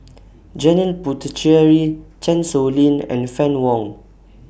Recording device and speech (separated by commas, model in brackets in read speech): boundary microphone (BM630), read sentence